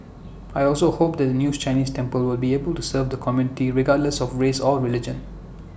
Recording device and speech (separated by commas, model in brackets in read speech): boundary microphone (BM630), read sentence